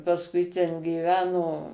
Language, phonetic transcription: Lithuanian, pasˈkui ten gyˈveno

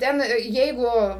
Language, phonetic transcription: Lithuanian, ˈten ˈjeigu

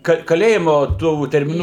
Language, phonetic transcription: Lithuanian, ˈka kaˈlėjimu ˈtų termiˈnų

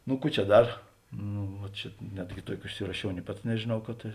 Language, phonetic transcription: Lithuanian, nu ˈkų čia ˈdar ˈnu va ˈčia ˈnetgi ˈtuoki užsiraˈšiau nė ˈpats nežėˈnau kad ˈta

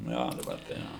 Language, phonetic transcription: Lithuanian, ˈnu ˈjo daˈbar tai ˈjo

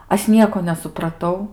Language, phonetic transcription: Lithuanian, ˈaš ˈnieko nesupraˈtau

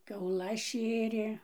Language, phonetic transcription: Lithuanian, kiauˈlas ˈšėrė

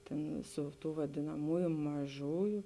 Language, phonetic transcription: Lithuanian, ˈtėn ˈsu ˌtū vadėnaˈmoju maˈžoju

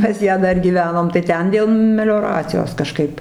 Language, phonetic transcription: Lithuanian, pas ˈją ˈdar gyˈvenom tai ˈten dėl melioˈracijos kaˈžkaip

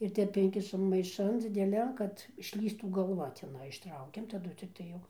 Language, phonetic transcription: Lithuanian, ir ˈtep ˈinkišam maiˈšan dzideˈlian ˈkad išˈlįstų galˈva teˈnai išˈtraukiam taˈdu cikˈtai jau

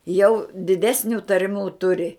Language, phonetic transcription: Lithuanian, jau diˈdesniu tarˈmių ˈturi

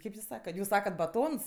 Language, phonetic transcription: Lithuanian, ˈkaip jus ˈsakat ˈjūs ˈsakat baˈtons

